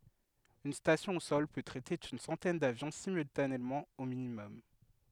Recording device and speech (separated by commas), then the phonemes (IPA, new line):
headset microphone, read sentence
yn stasjɔ̃ o sɔl pø tʁɛte yn sɑ̃tɛn davjɔ̃ simyltanemɑ̃ o minimɔm